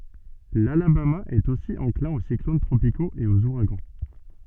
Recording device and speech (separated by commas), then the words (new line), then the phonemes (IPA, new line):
soft in-ear microphone, read sentence
L'Alabama est aussi enclin aux cyclones tropicaux et aux ouragans.
lalabama ɛt osi ɑ̃klɛ̃ o siklon tʁopikoz e oz uʁaɡɑ̃